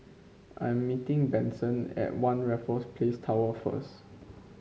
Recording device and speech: mobile phone (Samsung C5), read sentence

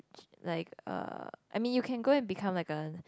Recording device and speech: close-talking microphone, conversation in the same room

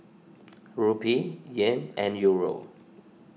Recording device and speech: mobile phone (iPhone 6), read sentence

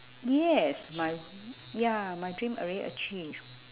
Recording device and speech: telephone, conversation in separate rooms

